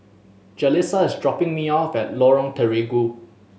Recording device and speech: mobile phone (Samsung S8), read sentence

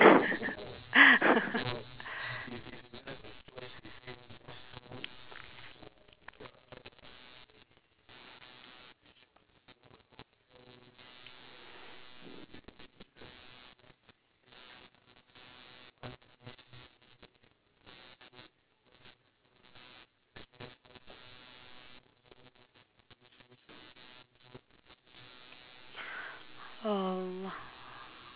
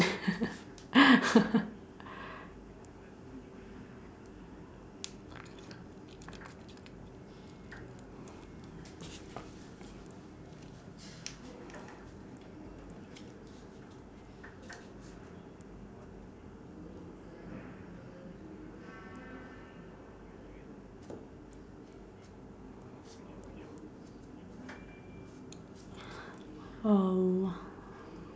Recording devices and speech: telephone, standing microphone, conversation in separate rooms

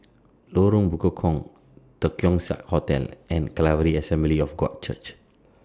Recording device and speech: standing microphone (AKG C214), read sentence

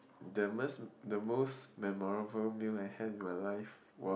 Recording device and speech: boundary microphone, conversation in the same room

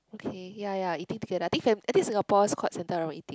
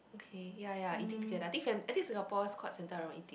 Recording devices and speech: close-talking microphone, boundary microphone, conversation in the same room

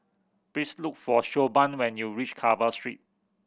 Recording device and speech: boundary microphone (BM630), read sentence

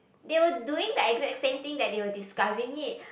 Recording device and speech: boundary microphone, conversation in the same room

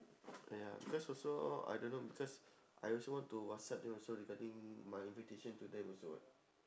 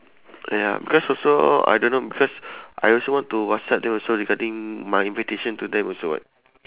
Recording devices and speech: standing microphone, telephone, conversation in separate rooms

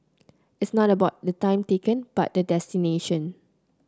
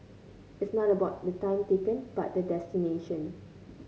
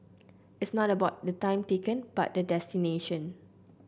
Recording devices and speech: close-talking microphone (WH30), mobile phone (Samsung C9), boundary microphone (BM630), read sentence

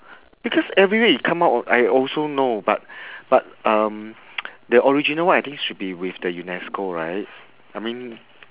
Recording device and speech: telephone, conversation in separate rooms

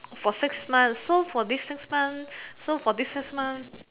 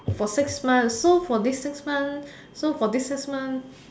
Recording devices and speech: telephone, standing microphone, conversation in separate rooms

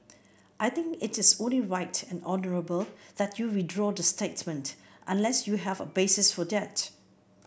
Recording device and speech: boundary microphone (BM630), read sentence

